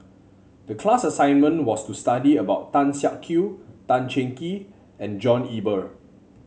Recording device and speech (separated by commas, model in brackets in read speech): mobile phone (Samsung C7), read sentence